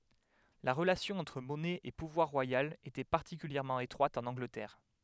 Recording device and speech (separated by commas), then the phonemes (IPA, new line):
headset microphone, read sentence
la ʁəlasjɔ̃ ɑ̃tʁ mɔnɛ e puvwaʁ ʁwajal etɛ paʁtikyljɛʁmɑ̃ etʁwat ɑ̃n ɑ̃ɡlətɛʁ